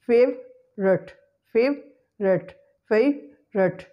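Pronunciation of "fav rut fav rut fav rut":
In 'favorite', said three times, the schwa sound after the v is deleted.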